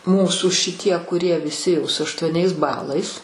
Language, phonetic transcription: Lithuanian, ˈmūsų šiˈtie kuˈrie viˈsi jau su aštuoˈniais ˈbalais

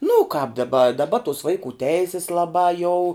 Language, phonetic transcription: Lithuanian, nu u kāp daˈba daˈba tus ˈvaikų ˈteisis laˈbā jau

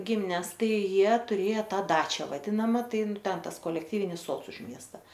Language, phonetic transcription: Lithuanian, ˈgimines ˈtai ˈjie tuˈrėja ˈta ˈdačią vaˈdinama ˈtai ˈten ˈtas kolekˈtyvinis ˈsods už ˈmiesta

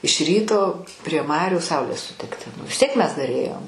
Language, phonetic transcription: Lithuanian, iš ˈryto prie ˈmarių ˈsaulės suˈtikti nu vis ˈtiek ˈmes dar ˈėjom

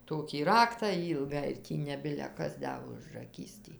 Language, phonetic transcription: Lithuanian, ˈtokį ˈraktą ˈylgą ir ˈtį ne ˈbile ˈkas ˈda užraˈkys tį

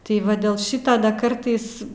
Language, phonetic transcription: Lithuanian, tai ˈva dėl ˈšyto da ˈkartais

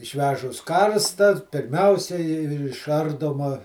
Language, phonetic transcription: Lithuanian, išˈvežus ˈkarsta pirˈmiausiai išˈardoma

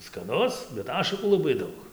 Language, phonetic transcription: Lithuanian, skaˈnus bet ˈašakų laˈbai ˈdaug

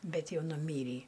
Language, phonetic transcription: Lithuanian, ˈbet ˈjau nuˈmyrį

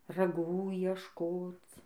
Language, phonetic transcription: Lithuanian, raˈgų iešˈkoc

